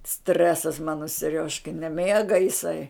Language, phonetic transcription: Lithuanian, ˈstresas ˈmano seˈriožkai neˈmėga iˈsai

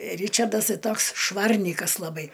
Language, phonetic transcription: Lithuanian, ˈryčardas ˈtai ˈtoks ˈšvarnykas laˈbai

